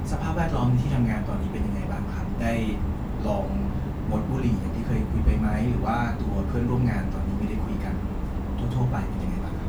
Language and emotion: Thai, neutral